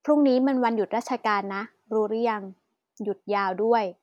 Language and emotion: Thai, neutral